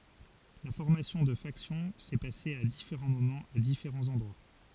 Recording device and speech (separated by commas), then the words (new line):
forehead accelerometer, read sentence
La formation de factions s'est passé à différents moments à différents endroits.